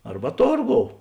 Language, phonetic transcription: Lithuanian, ˈarba ˈtorˌgou

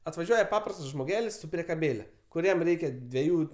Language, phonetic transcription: Lithuanian, atvaˈžiuoja ˈpaprastas žmoˈgelis su priekaˈbėle kuˈriem ˈreikia dveˈjų

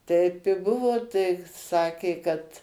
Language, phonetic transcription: Lithuanian, ˈtaip i ˈbuvo tai ˈsakė kad

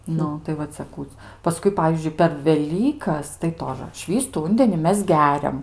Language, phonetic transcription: Lithuanian, ˈnu tai va ˈcia ˈkų paˈskui ˈpavyzdžiui per veˈlykas tai ˈtožə ˈšvįstu ˈūndeni ˈmes ˈgeriam

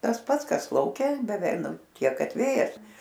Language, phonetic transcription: Lithuanian, tas ˈpats ˈkas lauˈke beˈvei ˈnu ˈtiek ˈkad ˈvėjas

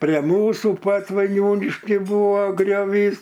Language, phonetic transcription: Lithuanian, pre ˈmūsų pat vaiˈniūnišky ˈbūvo grioˈvys

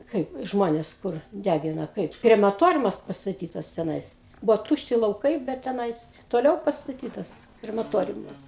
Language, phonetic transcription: Lithuanian, ˈkaip ˈžmones ˈkur ˈdægina ˈkaip kremaˈtoriumas pastaˈtytas teˈnais ˈbuvo ˈtūšti lauˈkai bet teˈnais toˈliau pastaˈtytas kremaˈtoriumas

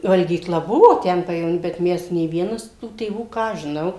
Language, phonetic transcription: Lithuanian, valgyˈkla ˈbuvo ˈten pajevoˈny bet ˈmes nė ˈvienas tų tėˈvų ˈką aš žiˈnau

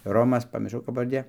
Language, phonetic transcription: Lithuanian, ˈromas pamirˈšau kap pavarˈdė

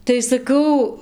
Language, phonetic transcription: Lithuanian, tai saˈkau

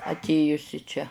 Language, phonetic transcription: Lithuanian, atˈėjus i ˈčia

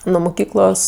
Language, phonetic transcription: Lithuanian, nu muˈkyklos

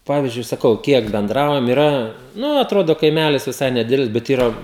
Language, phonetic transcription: Lithuanian, ˈpavyzdžiui saˈkau ˈkiek benˈdraujam iˈra ˈnu atˈrodo kaiˈmælis viˈsai neˈdidelis bet ˈyra

